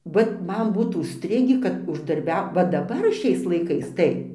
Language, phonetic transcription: Lithuanian, ˈvat ˈman ˈbūt užˈstrigį kad uždarˈbiau va daˈbar ˈšiais laiˈkais ˈtai

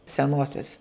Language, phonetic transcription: Lithuanian, seˈnuosios

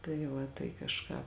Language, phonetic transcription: Lithuanian, tai ˈva tai kažˈką

